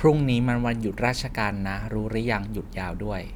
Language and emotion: Thai, neutral